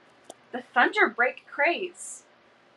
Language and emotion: English, surprised